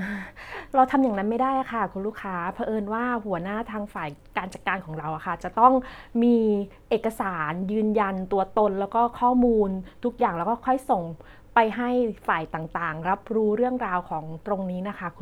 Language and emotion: Thai, neutral